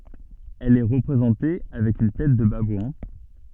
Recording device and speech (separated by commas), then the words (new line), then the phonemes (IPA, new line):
soft in-ear microphone, read sentence
Elle est représentée avec une tête de babouin.
ɛl ɛ ʁəpʁezɑ̃te avɛk yn tɛt də babwɛ̃